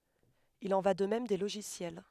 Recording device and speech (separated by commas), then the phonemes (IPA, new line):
headset microphone, read sentence
il ɑ̃ va də mɛm de loʒisjɛl